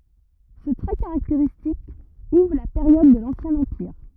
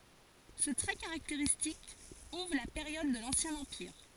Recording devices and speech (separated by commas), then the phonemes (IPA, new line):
rigid in-ear microphone, forehead accelerometer, read sentence
sə tʁɛ kaʁakteʁistik uvʁ la peʁjɔd də lɑ̃sjɛ̃ ɑ̃piʁ